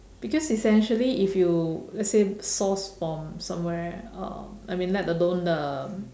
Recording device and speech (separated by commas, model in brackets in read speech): standing microphone, conversation in separate rooms